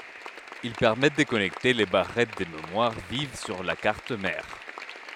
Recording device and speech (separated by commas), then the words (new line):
headset microphone, read sentence
Ils permettent de connecter les barrettes de mémoire vive sur la carte mère.